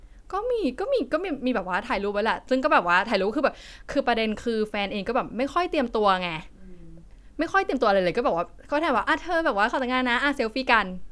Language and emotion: Thai, happy